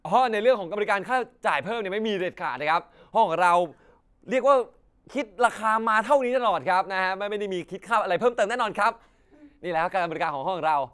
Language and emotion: Thai, neutral